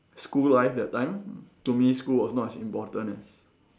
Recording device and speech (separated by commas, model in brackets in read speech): standing microphone, conversation in separate rooms